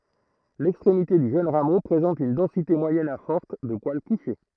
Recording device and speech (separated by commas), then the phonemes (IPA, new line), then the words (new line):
throat microphone, read sentence
lɛkstʁemite dy ʒøn ʁamo pʁezɑ̃t yn dɑ̃site mwajɛn a fɔʁt də pwal kuʃe
L'extrémité du jeune rameau présente une densité moyenne à forte de poils couchés.